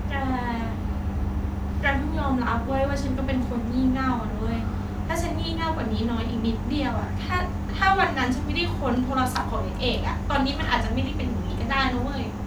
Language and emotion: Thai, frustrated